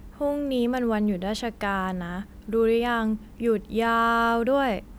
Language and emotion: Thai, frustrated